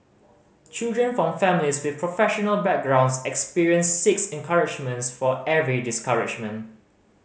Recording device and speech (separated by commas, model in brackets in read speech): mobile phone (Samsung C5010), read sentence